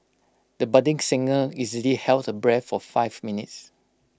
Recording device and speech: close-talking microphone (WH20), read sentence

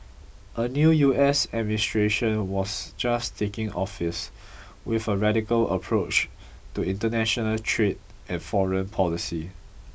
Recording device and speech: boundary microphone (BM630), read sentence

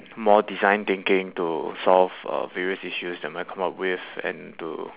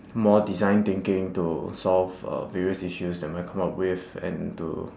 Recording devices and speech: telephone, standing microphone, conversation in separate rooms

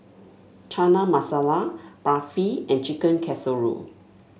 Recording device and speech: mobile phone (Samsung S8), read sentence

